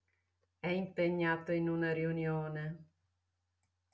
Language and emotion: Italian, disgusted